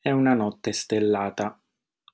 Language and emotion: Italian, neutral